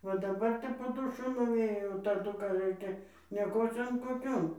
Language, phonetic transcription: Lithuanian, ˈva daˈbar tai po ˈdušu nuˈvėjo o taˈdu ka ˈraikia nieˈkocion koˈkion

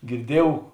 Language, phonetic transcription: Lithuanian, girˈdiejuov

